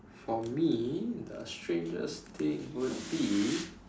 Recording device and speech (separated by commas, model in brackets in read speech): standing microphone, conversation in separate rooms